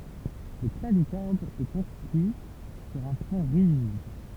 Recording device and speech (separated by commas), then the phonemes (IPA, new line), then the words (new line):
temple vibration pickup, read sentence
lə klavikɔʁd ɛ kɔ̃stʁyi syʁ œ̃ fɔ̃ ʁiʒid
Le clavicorde est construit sur un fond rigide.